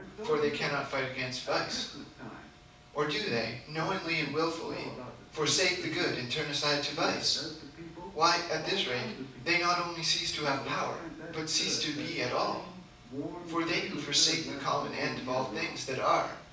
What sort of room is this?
A medium-sized room.